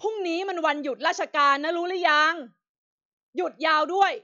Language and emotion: Thai, angry